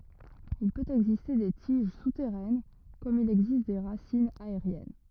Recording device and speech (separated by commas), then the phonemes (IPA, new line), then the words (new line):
rigid in-ear microphone, read sentence
il pøt ɛɡziste de tiʒ sutɛʁɛn kɔm il ɛɡzist de ʁasinz aeʁjɛn
Il peut exister des tiges souterraines comme il existe des racines aériennes.